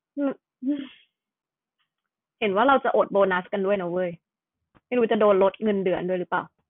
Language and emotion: Thai, frustrated